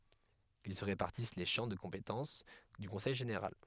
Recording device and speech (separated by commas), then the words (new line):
headset microphone, read sentence
Ils se répartissent les champs de compétences du conseil général.